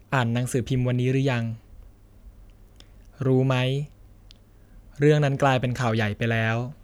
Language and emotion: Thai, neutral